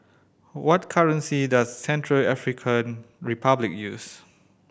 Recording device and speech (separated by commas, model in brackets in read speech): boundary microphone (BM630), read sentence